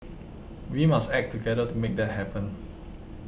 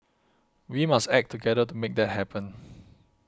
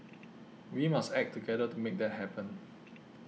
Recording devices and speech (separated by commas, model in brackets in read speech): boundary microphone (BM630), close-talking microphone (WH20), mobile phone (iPhone 6), read sentence